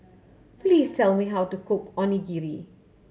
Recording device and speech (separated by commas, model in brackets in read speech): mobile phone (Samsung C7100), read sentence